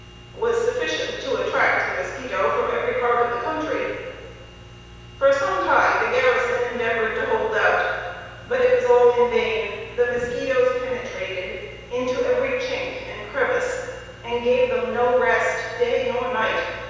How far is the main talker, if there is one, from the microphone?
7.1 m.